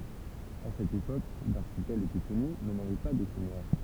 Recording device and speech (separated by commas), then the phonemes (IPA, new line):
temple vibration pickup, read sentence
a sɛt epok laʁʃipɛl etɛ kɔny mɛ navɛ pa də sɛɲœʁ